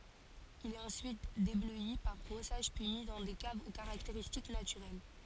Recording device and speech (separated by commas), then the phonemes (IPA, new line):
forehead accelerometer, read sentence
il ɛt ɑ̃syit deblœi paʁ bʁɔsaʒ pyi mi dɑ̃ de kavz o kaʁakteʁistik natyʁɛl